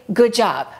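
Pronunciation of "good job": In 'good job', the D at the end of 'good' is skipped completely. This is pronounced incorrectly.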